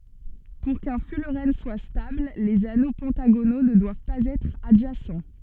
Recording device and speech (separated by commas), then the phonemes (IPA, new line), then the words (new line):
soft in-ear microphone, read sentence
puʁ kœ̃ fylʁɛn swa stabl lez ano pɑ̃taɡono nə dwav paz ɛtʁ adʒasɑ̃
Pour qu'un fullerène soit stable, les anneaux pentagonaux ne doivent pas être adjacents.